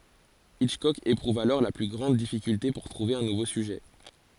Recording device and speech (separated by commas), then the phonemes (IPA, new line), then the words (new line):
forehead accelerometer, read sentence
itʃkɔk epʁuv alɔʁ le ply ɡʁɑ̃d difikylte puʁ tʁuve œ̃ nuvo syʒɛ
Hitchcock éprouve alors les plus grandes difficultés pour trouver un nouveau sujet.